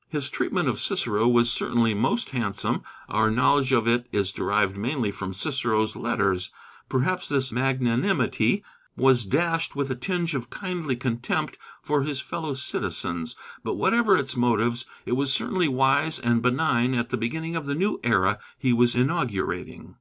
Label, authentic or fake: authentic